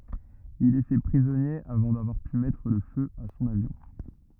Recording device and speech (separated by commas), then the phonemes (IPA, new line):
rigid in-ear microphone, read sentence
il ɛ fɛ pʁizɔnje avɑ̃ davwaʁ py mɛtʁ lə fø a sɔ̃n avjɔ̃